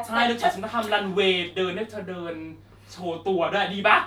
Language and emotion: Thai, happy